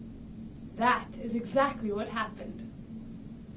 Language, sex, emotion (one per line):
English
female
neutral